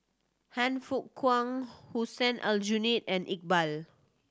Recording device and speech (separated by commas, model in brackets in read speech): standing microphone (AKG C214), read sentence